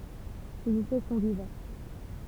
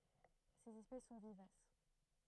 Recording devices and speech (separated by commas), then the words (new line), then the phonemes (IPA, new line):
temple vibration pickup, throat microphone, read sentence
Ses espèces sont vivaces.
sez ɛspɛs sɔ̃ vivas